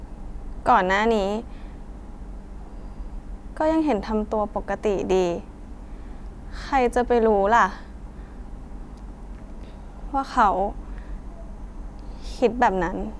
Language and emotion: Thai, sad